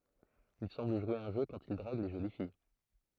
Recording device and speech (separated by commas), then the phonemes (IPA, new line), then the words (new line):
throat microphone, read sentence
il sɑ̃bl ʒwe œ̃ ʒø kɑ̃t il dʁaɡ le ʒoli fij
Il semble jouer un jeu quand il drague les jolies filles.